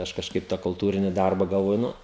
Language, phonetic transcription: Lithuanian, ˈaš kažˈkaip tą kulˈtūrini ˈdarba galˈvoju ˈnu

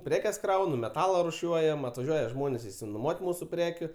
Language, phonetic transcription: Lithuanian, ˈprekes ˈkraunu meˈtala ruˈšiuojam atvaˈžiuoja ˈžmonės išsinoˈmuot' ˈmūsu ˈprekiu

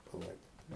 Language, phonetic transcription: Lithuanian, paˈlaidoti

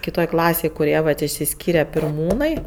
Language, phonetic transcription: Lithuanian, kiˈtoj ˈklasėj kuˈrie vat išsiˈskyre pirˈmūnai

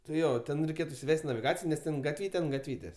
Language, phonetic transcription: Lithuanian, tai ˈjo ˈten reiˈkėt isiˈvest' naviˈgacijo nes ˈten gatˈvyte ant gatˈvytės'

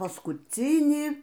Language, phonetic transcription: Lithuanian, paskuˈcynį

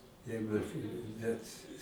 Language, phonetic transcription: Lithuanian, ˈjeigu ˈnet'

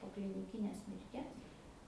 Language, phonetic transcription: Lithuanian, po kliniˈkinės mirˈties

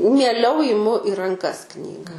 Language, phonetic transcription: Lithuanian, mieˈliau iˈmu i ranˈkas ˈknyga

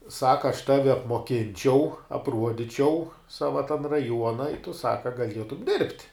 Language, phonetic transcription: Lithuanian, ˈsaka aš ˈtavi apmoˈkinčiau apˈruodičiau ˈsava tan raˈjuona i tu ˈsaka gaˈlietum dirbt'

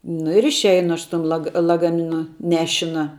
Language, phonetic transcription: Lithuanian, nu ir išˈeinu ˈaš su ˈtum ˈlaga lagaˈminu ˈnešina

